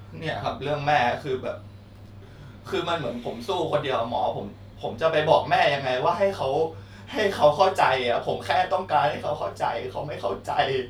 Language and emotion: Thai, sad